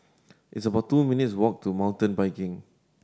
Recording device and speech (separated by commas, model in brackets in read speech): standing microphone (AKG C214), read sentence